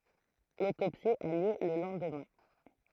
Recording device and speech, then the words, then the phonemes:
throat microphone, read sentence
L'autopsie a lieu le lendemain.
lotopsi a ljø lə lɑ̃dmɛ̃

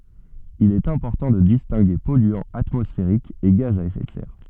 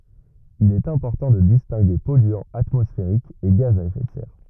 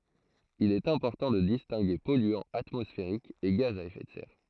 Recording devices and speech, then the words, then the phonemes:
soft in-ear microphone, rigid in-ear microphone, throat microphone, read sentence
Il est important de distinguer polluants atmosphériques et gaz à effet de serre.
il ɛt ɛ̃pɔʁtɑ̃ də distɛ̃ɡe pɔlyɑ̃z atmɔsfeʁikz e ɡaz a efɛ də sɛʁ

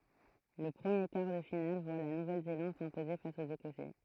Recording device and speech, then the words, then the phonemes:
throat microphone, read sentence
Le premier quart de finale voit la Nouvelle-Zélande s'imposer face aux Écossais.
lə pʁəmje kaʁ də final vwa la nuvɛl zelɑ̃d sɛ̃poze fas oz ekɔsɛ

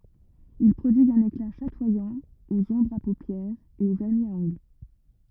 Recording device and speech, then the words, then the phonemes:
rigid in-ear microphone, read sentence
Ils prodiguent un éclat chatoyant aux ombres à paupières et aux vernis à ongles.
il pʁodiɡt œ̃n ekla ʃatwajɑ̃ oz ɔ̃bʁz a popjɛʁz e o vɛʁni a ɔ̃ɡl

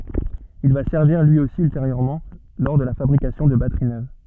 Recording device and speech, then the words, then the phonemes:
soft in-ear microphone, read sentence
Il va servir lui aussi ultérieurement lors de la fabrication de batteries neuves.
il va sɛʁviʁ lyi osi ylteʁjøʁmɑ̃ lɔʁ də la fabʁikasjɔ̃ də batəʁi nøv

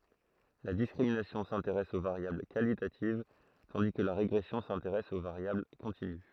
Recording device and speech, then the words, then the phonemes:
throat microphone, read sentence
La discrimination s’intéresse aux variables qualitatives, tandis que la régression s’intéresse aux variables continues.
la diskʁiminasjɔ̃ sɛ̃teʁɛs o vaʁjabl kalitativ tɑ̃di kə la ʁeɡʁɛsjɔ̃ sɛ̃teʁɛs o vaʁjabl kɔ̃tiny

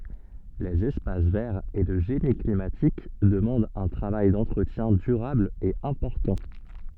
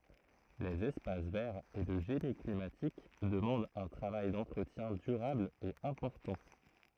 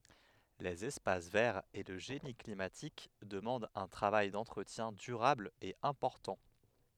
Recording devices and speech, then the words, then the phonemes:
soft in-ear microphone, throat microphone, headset microphone, read sentence
Les espaces verts et le génie climatique demandent un travail d'entretien durable et important.
lez ɛspas vɛʁz e lə ʒeni klimatik dəmɑ̃dt œ̃ tʁavaj dɑ̃tʁətjɛ̃ dyʁabl e ɛ̃pɔʁtɑ̃

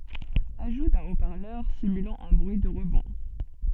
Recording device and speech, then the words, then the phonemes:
soft in-ear microphone, read sentence
Ajout d'un haut parleur simulant un bruit de rebond.
aʒu dœ̃ o paʁlœʁ simylɑ̃ œ̃ bʁyi də ʁəbɔ̃

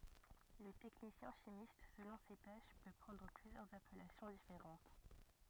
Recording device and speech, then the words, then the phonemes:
rigid in-ear microphone, read sentence
Le technicien chimiste, selon ses tâches, peut prendre plusieurs appellations différentes.
lə tɛknisjɛ̃ ʃimist səlɔ̃ se taʃ pø pʁɑ̃dʁ plyzjœʁz apɛlasjɔ̃ difeʁɑ̃t

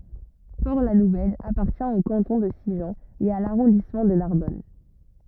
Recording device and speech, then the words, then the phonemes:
rigid in-ear microphone, read sentence
Port-la-Nouvelle appartient au canton de Sigean et à l'arrondissement de Narbonne.
pɔʁtlanuvɛl apaʁtjɛ̃ o kɑ̃tɔ̃ də siʒɑ̃ e a laʁɔ̃dismɑ̃ də naʁbɔn

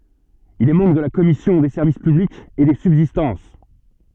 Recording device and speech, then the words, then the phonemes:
soft in-ear microphone, read sentence
Il est membre de la commission des Services publics et des Subsistances.
il ɛ mɑ̃bʁ də la kɔmisjɔ̃ de sɛʁvis pyblikz e de sybzistɑ̃s

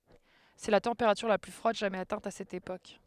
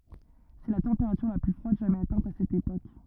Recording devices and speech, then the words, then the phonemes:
headset microphone, rigid in-ear microphone, read sentence
C'est la température la plus froide jamais atteinte à cette époque.
sɛ la tɑ̃peʁatyʁ la ply fʁwad ʒamɛz atɛ̃t a sɛt epok

